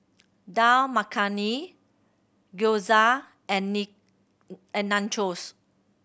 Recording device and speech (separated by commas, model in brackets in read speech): boundary microphone (BM630), read sentence